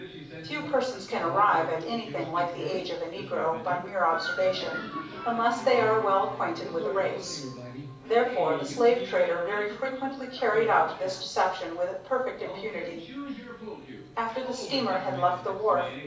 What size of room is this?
A moderately sized room.